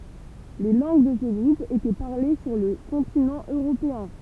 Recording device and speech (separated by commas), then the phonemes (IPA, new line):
temple vibration pickup, read sentence
le lɑ̃ɡ də sə ɡʁup etɛ paʁle syʁ lə kɔ̃tinɑ̃ øʁopeɛ̃